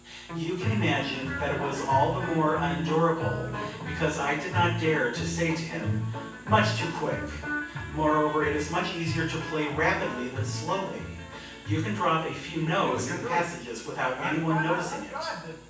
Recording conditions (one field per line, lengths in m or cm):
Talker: one person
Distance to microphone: 9.8 m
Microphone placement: far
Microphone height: 1.8 m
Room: large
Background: television